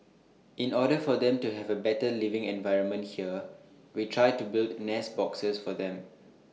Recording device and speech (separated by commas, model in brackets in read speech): mobile phone (iPhone 6), read sentence